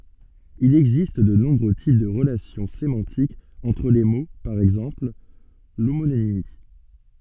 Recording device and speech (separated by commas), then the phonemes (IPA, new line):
soft in-ear microphone, read sentence
il ɛɡzist də nɔ̃bʁø tip də ʁəlasjɔ̃ semɑ̃tikz ɑ̃tʁ le mo paʁ ɛɡzɑ̃pl lomonimi